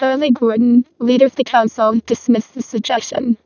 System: VC, vocoder